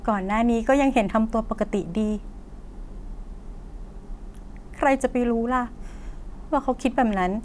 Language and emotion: Thai, sad